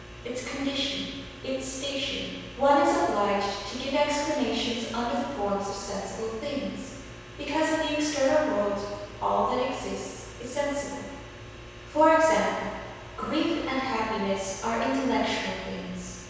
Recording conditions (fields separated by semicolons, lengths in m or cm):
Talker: one person; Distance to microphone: 7.1 m; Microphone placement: far; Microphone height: 1.7 m; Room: very reverberant, large; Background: none